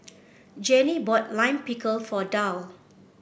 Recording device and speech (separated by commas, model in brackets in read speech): boundary microphone (BM630), read sentence